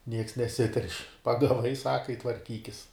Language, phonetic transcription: Lithuanian, nieks neˈsiterš' pagaˈvai ˈsaka i tvarˈkykis

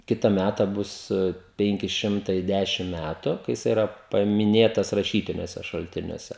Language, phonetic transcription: Lithuanian, ˈkita ˈmæta ˈbus ˈpenki ˈšimtai ˈdæšim ˈmætu kai jiˈsai iˈra pamiˈnėtas raˈšytiniuose šalˈtiniuose

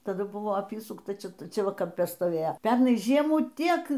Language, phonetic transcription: Lithuanian, taˈdu ˈbuvo ˈapysukta ˈčia ˈčia ˈva kamˈpe stoˈvėjo ˈpernai ˈžiemų ˈtiek

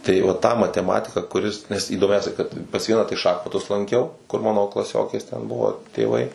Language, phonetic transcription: Lithuanian, tai va ˈtą mateˈmatiką kuˈris nes įdoˈmiausia kad pas ˈvieną tai ˈšachmatus lanˈkiau kur ˈmano klaˈsiokės ten ˈbuvo tėˈvai

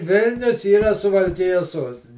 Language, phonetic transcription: Lithuanian, ˈvilnius yˈra suvalˈkijas ˈsuostini

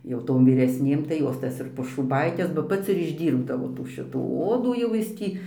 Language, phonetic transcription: Lithuanian, jau ˈtom vyresˈnėm tai ˈjos ˈtas ir pošūˈbaikes ba ˈpats ir išˈdyrbdavo tų ˈšitų ˈodų jau ˈjis ˈtį

